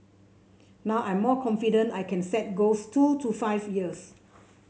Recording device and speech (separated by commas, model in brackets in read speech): mobile phone (Samsung C7), read sentence